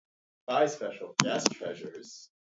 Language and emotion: English, happy